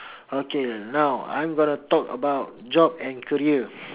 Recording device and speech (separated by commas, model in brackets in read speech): telephone, conversation in separate rooms